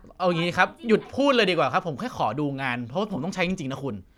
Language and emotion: Thai, frustrated